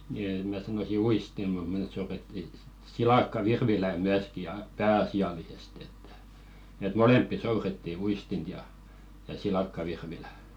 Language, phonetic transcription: Finnish, ni em̆ mä 'sanosi "uistim̆ mut mᵉˢ souretti 'silakka"virvilä 'myäski ja "pää₍asi₍alisest ‿ettᴀ̈ , et "molemppi 'souretti 'uistint ja , ja 'silakkavirvilä .
- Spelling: niin en minä sanoisi uistin mutta me soudettiin silakkavirvilää myöskin ja pääasiallisesti että että molempia soudettiin uistinta ja ja silakkavirvilää

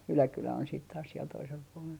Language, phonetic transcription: Finnish, 'Yläkylä on siit taas siel toisel puolel .
- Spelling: Yläkylä on sitten taas siellä toisella puolella

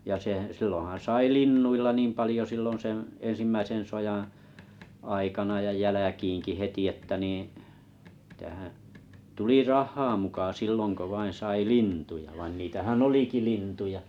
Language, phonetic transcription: Finnish, ja 'se , 'silloḭ̆han̬ sai "linnuilla niim 'palⁱjo sillon 'seḛ 'ensimmäisen sojaa , 'aikana ja 'jäläkiiŋki 'heti että niḭ , mitähäᵃ̰̈ , 'tuli "rah̆haa muka 'silloŋ ko 'vain 'sai "lintuja vain 'niitähän "oliki 'lintuja .
- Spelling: ja se silloinhan sai linnuilla niin paljon silloin sen ensimmäisen sodan aikana ja jälkeenkin heti että niin mitähän tuli rahaa muka silloin kun vain sai lintuja vaan niitähän olikin lintuja

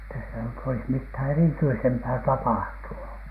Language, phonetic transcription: Finnish, että sitä nyt olis mithä̀ "erityisempää "tapahtunu .
- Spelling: että sitä nyt olisi mitään erityisempää tapahtunut

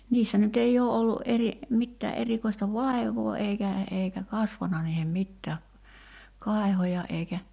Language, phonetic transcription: Finnish, 'niissä ny't ‿ei oo ollu’ ’eri , 'mittää '’erikoista "vài̬v̀oo 'eikä , eikä 'kasvana niihem 'mittää , "kài̬hoja eikä ,.
- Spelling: niissä nyt ei ole ollut eri mitään erikoista vaivaa eikä eikä kasvanut niihin mitään kaiheja eikä

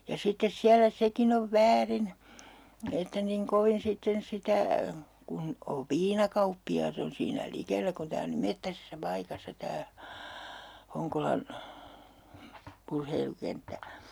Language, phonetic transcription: Finnish, ja 'sittes 'siälä 'sekin ‿ov "väärin , että niŋ 'kovin sitten 'sitä , 'kun 'ov "viinakauppi₍aat ‿on siinä 'likellä kun 'tää on niim 'mettäsessä 'paikassa 'tää , 'Hoŋkolan , 'urheilukenttä .
- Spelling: ja sitten siellä sekin on väärin että niin kovin sitten sitä kun on viinakauppiaat on siinä likellä kun tämä on niin metsäisessä paikassa tämä Honkolan urheilukenttä

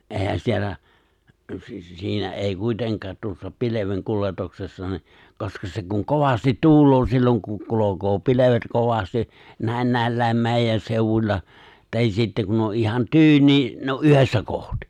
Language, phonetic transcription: Finnish, '’è̬ihän siellä , si- 'siinä '’èi 'kuiteŋk̀aat tuossa 'pileveŋ'kuletoksessa ni , 'koska se kuŋ "kovastit "tuul̀oo 'silloŋ ku 'kulokoo "pilevet 'kovasti , 'nä̀in nä̀illä̀em 'mèijän 'seu̬wuĺla , tahis 'sittä kun ‿o 'ihan "tyyni , ne o’ '’yhessä kohtɪ .
- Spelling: eihän siellä - siinä ei kuitenkaan tuossa pilvenkuljetuksessa niin koska se kun kovasti tuulee silloin kun kulkee pilvet kovasti näin näilläkin meidän seudulla tai sitten kun on ihan tyyni ne on yhdessä kohti

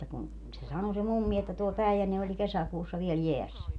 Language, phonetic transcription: Finnish, [et]tä kun , se 'sano se "mummi että tuo 'Pä̀ijänne oĺ 'kesäkuussa viel "jeässä .
- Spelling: että kun se sanoi se mummi että tuo Päijänne oli kesäkuussa vielä jäässä

